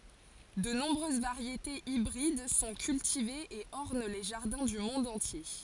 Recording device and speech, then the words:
forehead accelerometer, read sentence
De nombreuses variétés hybrides sont cultivées et ornent les jardins du monde entier.

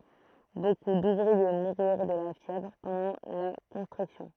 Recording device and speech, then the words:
throat microphone, read sentence
Beaucoup d'ouvriers moururent de la fièvre pendant la construction.

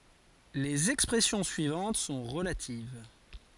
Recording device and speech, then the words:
forehead accelerometer, read sentence
Les expressions suivantes sont relatives.

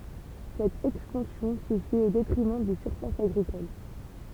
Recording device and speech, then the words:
temple vibration pickup, read sentence
Cette expansion se fait au détriment des surfaces agricoles.

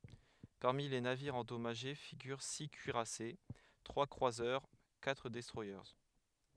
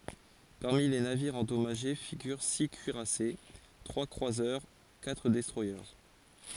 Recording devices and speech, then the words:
headset microphone, forehead accelerometer, read sentence
Parmi les navires endommagés figurent six cuirassés, trois croiseurs, quatre destroyers.

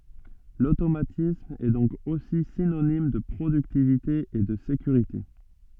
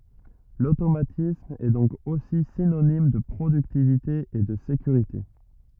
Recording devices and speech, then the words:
soft in-ear microphone, rigid in-ear microphone, read sentence
L'automatisme est donc aussi synonyme de productivité et de sécurité.

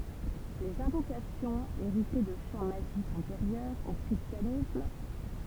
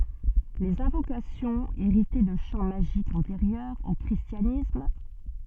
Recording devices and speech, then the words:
temple vibration pickup, soft in-ear microphone, read sentence
Les invocations héritaient de chants magiques antérieurs au christianisme.

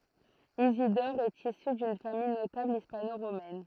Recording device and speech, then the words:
throat microphone, read sentence
Isidore est issu d'une famille notable hispano-romaine.

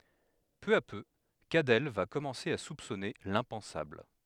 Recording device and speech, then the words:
headset microphone, read sentence
Peu à peu, Cadell va commencer à soupçonner l'impensable.

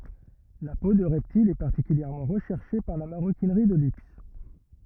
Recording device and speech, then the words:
rigid in-ear microphone, read sentence
La peau de reptiles est particulièrement recherchée par la maroquinerie de luxe.

